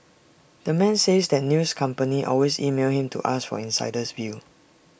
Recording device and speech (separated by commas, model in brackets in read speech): boundary microphone (BM630), read sentence